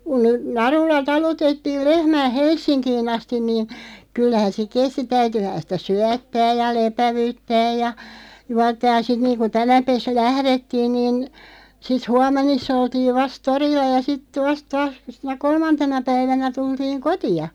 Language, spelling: Finnish, kun narulla talutettiin lehmää Helsinkiin asti niin kyllähän se kesti täytyihän sitä syöttää ja lepäyttää ja juottaa ja sitten niin kuin tänä päivänä lähdettiin niin sitten huomenissa oltiin vasta torilla ja sitten vasta taas sinä kolmantena päivänä tultiin kotiin
- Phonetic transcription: kun , 'narulla 'talutettiil 'lehmää "Hels̆siŋkii'n ‿astin niin , 'kyllähän se "kesti 'täytyhän sitä "syättääj ja "lepävỳttääj ja , 'juattaaj ja 'sit niiŋku 'tänäpes "lährettiin niin , 'sit "huam̆menis's ‿oltiiv 'vast "torilla ja 'sitᵗᵊ 'vast 'taas , sinä "kolmantena 'päivänä 'tultiiŋ "koti₍a .

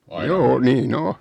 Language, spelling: Finnish, joo niin on
- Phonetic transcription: 'joo 'nii"n ‿o .

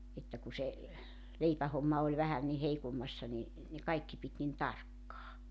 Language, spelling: Finnish, että kun se leipähomma oli vähän niin heikommassa niin ne kaikki piti niin tarkkaan
- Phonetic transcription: että ku se , 'leipähomma oĺ 'vähän ni 'heikommassa ni , ne 'kaikki pit nin "tarkkaa .

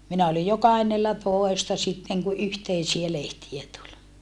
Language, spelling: Finnish, minä olin jo kahdennellatoista sitten kun yhteisiä lehtiä tuli
- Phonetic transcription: minä olij jo kahennellatòesta sitteŋ ku yhteisiä lehtiä tuĺ .

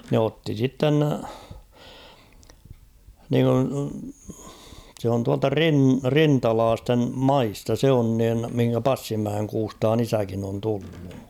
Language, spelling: Finnish, ne otti sitten niin kuin se on tuolta - rintalaisten maista se on niin mihin Passinmäen Kuustaan isäkin on tullut
- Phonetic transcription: ne 'otti 'sitten , (niiŋku) , se on tualta "rin- "rintalaastem "maista 'se on nin̳ mihiŋkä "Passimmäeŋ 'Kuustaan ‿"isäkin ‿on 'tullu .

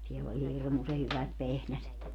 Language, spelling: Finnish, siellä oli hirmuisen hyvät vehnäset
- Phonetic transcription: siell ‿oĺ "hirmuse 'hyvät 'vehnäset .

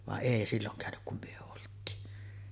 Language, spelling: Finnish, vaan ei silloin käynyt kun me oltiin
- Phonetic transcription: vaˀ "ˀèi 'silloŋ kä̀önyk kum 'myö olt̀iin .

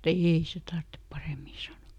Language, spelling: Finnish, ei se tarvitse paremmin sanoi
- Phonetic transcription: » "eei se ˈtarttep ˈparèmi » ˈsano .

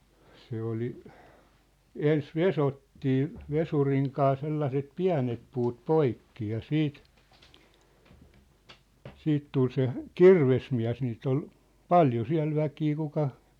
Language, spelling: Finnish, se oli ensin vesottiin vesurin kanssa sellaiset pienet puut poikki ja sitten sitten tuli se kirvesmies niitä oli paljon siellä väkeä kuka
- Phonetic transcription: 'se oli , "ens "vesottii , "vesuriŋ kaa 'sellaset "piä̭net puut "poikki ja "siit , 'siit tul se , "kirvesmiä̭s niit ‿ol , "paljo 'siä̭l 'väkii kuka ,.

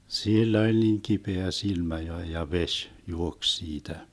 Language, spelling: Finnish, sillä oli niin kipeä silmä jo ja vesi juoksi siitä
- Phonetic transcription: 'sill ‿oĺ niiŋ 'kipeä 'silmä jo ja "veš , 'juoks 'siitä .

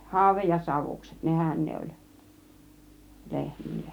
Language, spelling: Finnish, haude ja savukset nehän ne oli lehmille
- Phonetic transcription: hàuvej ja 'savukset "nehän ne oĺ , 'lehmille(n) .

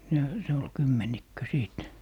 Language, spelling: Finnish, ne se oli kymmenikkö sitten
- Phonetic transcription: ne , 'se ol "kymmenikkö 'sìt .

